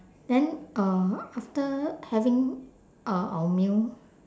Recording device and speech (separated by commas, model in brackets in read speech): standing microphone, conversation in separate rooms